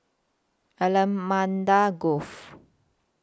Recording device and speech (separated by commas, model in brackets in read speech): close-talking microphone (WH20), read sentence